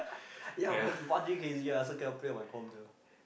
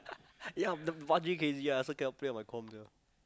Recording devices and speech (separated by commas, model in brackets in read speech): boundary microphone, close-talking microphone, conversation in the same room